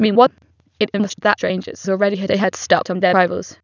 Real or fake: fake